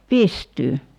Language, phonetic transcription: Finnish, 'pistyy .
- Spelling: pystyyn

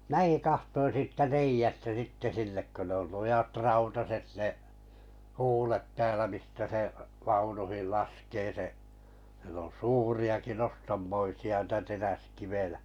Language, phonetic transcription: Finnish, 'mⁱnᵃ̈ki 'kahtoin siittä 'reijästä sitte 'sinnek kö ne ‿ol 'lujat "rautaset ne’ , "huulet 'täälä mistä se’ , 'vaunuhil 'laskee se’ , siel ‿on "suuri₍aki "nostammoisi₍a n̥tä 'teräskivejᴀ̈ .
- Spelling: minäkin katsoin siitä reiästä sitten sinne kun ne oli lujat rautaiset ne huulet täällä mistä se vaunuihin laskee se siellä on suuriakin nostammoisia niitä teräskiviä

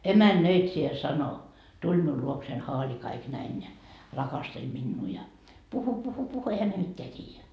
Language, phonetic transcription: Finnish, 'emän"nöitsijä 'sano , tuĺ miul 'luoksein 'haali kaik 'näin ja , 'rakasteĺ minnuu ja , 'puhu 'puhu 'puhu , ehä ne 'mitteä 't́iijä .
- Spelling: emännöitsijä sanoi tuli minun luokseni haali kaikki näin ja rakasteli minua ja puhui puhui puhui eihän ne mitään tiedä

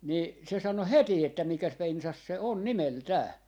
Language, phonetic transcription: Finnish, nii , se 'sano "heti että 'mikäs 'pensas se on "nimel"tää .
- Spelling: niin se sanoi heti että mikäs pensas se on nimeltään

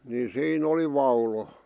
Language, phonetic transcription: Finnish, ni sii'n ‿oli 'vaulo .
- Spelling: niin siinä oli vaulo

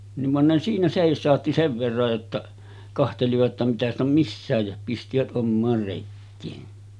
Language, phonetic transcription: Finnish, niv van ne siinä 'sèis̆sàotti 'sev verraj jotta , 'kahtelivat ‿ta mitä ‿st ‿om 'missä̀ej ja , pistivät '’ommaar rekkeen .
- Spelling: niin vaan ne siinä seisautti sen verran jotta katselivat jotta mitä sitä on missäkin ja pistivät omaan rekeen

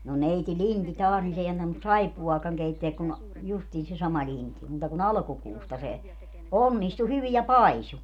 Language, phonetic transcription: Finnish, no 'neiti "Linti 'taas nin 's ‿ei antanus "saippu₍aakaŋ 'keitteäk kun , justiin se 'sama 'Linti , 'muuta ku"n ‿alᵃkukuusta se , "onnistu 'hyvi ja "paisu .
- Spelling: no neiti Lind taas niin se ei antanut saippuaakaan keittää kun justiin se sama Lind muuta kuin alkukuusta se onnistui hyvin ja paisui

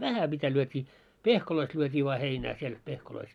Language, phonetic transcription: Finnish, vähä mitä lyöt́ii , "pehkoloist lyöt́ii voa 'heinää siel 'pehkoloist .
- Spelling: vähän mitä lyötiin pehkoista lyötiin vain heinää siellä pehkoista

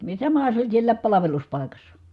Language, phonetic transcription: Finnish, samaha se oĺ siellääp palaveluspài̮kassa .
- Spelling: samahan se oli siellä palveluspaikassa

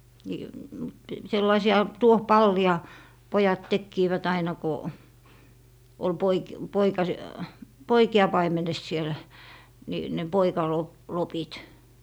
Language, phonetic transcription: Finnish, nii , mut , 'sellaisi₍a 'tuoh"palli₍a , 'pojat 'tekkiivät aina ko , ol 'poik- , 'poikas- , "poiki₍a 'paimenes siel , ni , ne 'poikalo- , -'lopit .
- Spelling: niin mutta sellaisia tuohipalleja pojat tekivät aina kun oli - - poikia paimenessa siellä niin ne - poikalopit

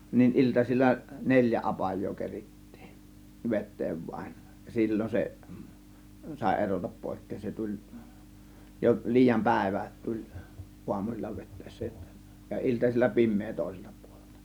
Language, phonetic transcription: Finnish, nin 'iltasil͕l͕a "neĺjä 'apaj̆joo 'kerittIIN , "vet̆teev vaĭn , ja "sil͕l͕on se , sàė 'erotap 'pòėkkeen se 'tuĺ , jo 'liijam "pä̀ėvä , tuĺ , 'uamusil͕l͕a vet̆tä̀ėssä jotta , ja 'iltasil͕l͕a "pim̆mee tòė-sELtA pUOLELtA .
- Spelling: niin iltaisin neljä apajaa kerittiin vetää vain ja silloin se sai erota pois se tuli jo liian päivä tuli aamuisin vetäessä jotta ja iltasilla pimeä toiselta puolelta

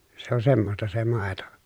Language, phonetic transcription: Finnish, se on semmosta se màeto .
- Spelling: se on semmoista se maito

